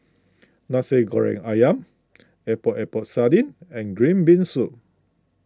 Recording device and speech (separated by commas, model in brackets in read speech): close-talking microphone (WH20), read sentence